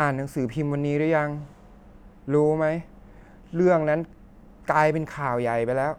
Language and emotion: Thai, frustrated